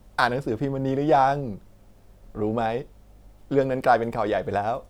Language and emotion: Thai, happy